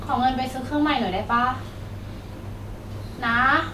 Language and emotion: Thai, frustrated